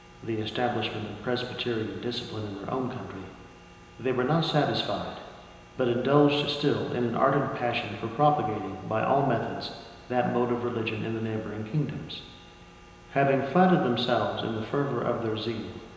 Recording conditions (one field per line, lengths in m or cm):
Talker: one person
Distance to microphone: 1.7 m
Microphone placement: close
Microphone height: 1.0 m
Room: very reverberant, large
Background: none